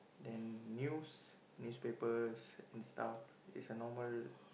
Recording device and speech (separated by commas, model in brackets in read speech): boundary microphone, conversation in the same room